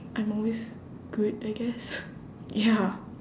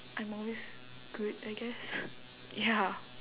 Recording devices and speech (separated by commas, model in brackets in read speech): standing microphone, telephone, conversation in separate rooms